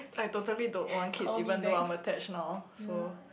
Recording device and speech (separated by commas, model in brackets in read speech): boundary microphone, conversation in the same room